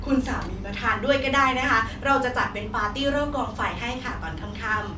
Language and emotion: Thai, happy